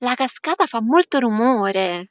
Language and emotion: Italian, surprised